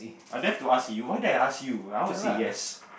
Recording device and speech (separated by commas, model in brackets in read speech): boundary microphone, conversation in the same room